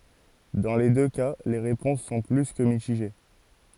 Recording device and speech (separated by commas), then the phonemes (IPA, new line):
forehead accelerometer, read sentence
dɑ̃ le dø ka le ʁepɔ̃s sɔ̃ ply kə mitiʒe